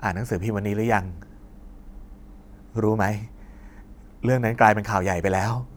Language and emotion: Thai, frustrated